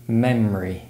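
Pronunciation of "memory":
In 'memory', the schwa sound is reduced and the syllables are compressed.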